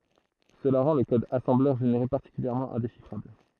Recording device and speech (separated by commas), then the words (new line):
throat microphone, read sentence
Cela rend le code assembleur généré particulièrement indéchiffrable.